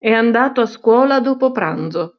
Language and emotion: Italian, neutral